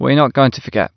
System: none